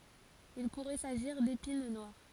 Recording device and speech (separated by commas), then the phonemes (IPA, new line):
forehead accelerometer, read sentence
il puʁɛ saʒiʁ depin nwaʁ